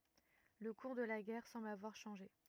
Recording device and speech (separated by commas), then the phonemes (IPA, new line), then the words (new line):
rigid in-ear microphone, read sentence
lə kuʁ də la ɡɛʁ sɑ̃bl avwaʁ ʃɑ̃ʒe
Le cours de la guerre semble avoir changé.